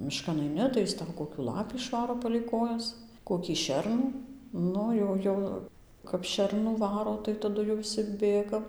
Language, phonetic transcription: Lithuanian, miˈškan aiˈni tai jis ˈtau ˌkokiu ˈlapį išˈvaro palei ˈkojas ˌkokį ˈšernų ˈnu jau ˈjau kap ˈšernų ˈvaro tik taˈdu jau viˈsi ˈbėgam

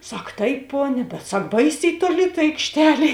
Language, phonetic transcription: Lithuanian, ˈsak ˈtaip ˈponia bet ˈsak ˈbaisiai toˈli ta aikšˈtelė

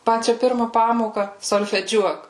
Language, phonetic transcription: Lithuanian, ˈpačia ˈpirma ˈpamoka solfeˈdžiuok

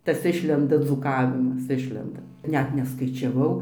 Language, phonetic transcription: Lithuanian, ˈtas ˈišlenda dzūˈkavimas ˈišlenda ˈnet neskaičiaˈvau

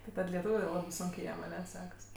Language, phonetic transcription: Lithuanian, ti ˈtad leˈtūviu jau ˈlabɜ ˈsunkė ˈjiem aˈne ˈsekas

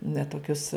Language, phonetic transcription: Lithuanian, ne toˈkius

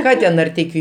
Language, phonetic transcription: Lithuanian, ˈką ten narˈteikiu

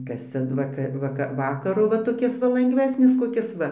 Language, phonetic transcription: Lithuanian, ˈkas ˈcia ˈvakaˈ vaka ˈvakaru va toˈkis va langˈvesnis koˈkis ˈva

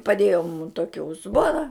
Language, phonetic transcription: Lithuanian, paˈdėjo mum ˈtoki uzˈbona

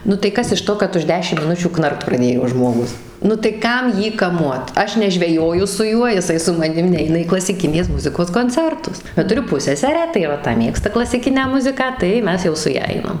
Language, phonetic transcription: Lithuanian, nu tai ˈkas iš ˈto kad už ˈdešim miˈnučių ˈknarkt praˈdėjo žmoˈgus nu tai ˈkam ˈjį kaˈmuot ˈaš nežveˈjoju su ˈjuo jiˈsai su maˈnim ˈneina į klasiˈkinės ˈmuzikos konˈcertus bet tuˈriu ˈpusseserę tai va ˈta ˈmėgsta klasiˈkinę ˈmuziką tai ˈmes jau su ˈja ˈainam

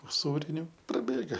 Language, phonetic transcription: Lithuanian, uˈsūriniu praˈbėga

